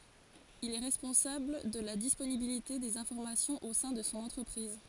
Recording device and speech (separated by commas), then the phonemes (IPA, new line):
forehead accelerometer, read sentence
il ɛ ʁɛspɔ̃sabl də la disponibilite dez ɛ̃fɔʁmasjɔ̃z o sɛ̃ də sɔ̃ ɑ̃tʁəpʁiz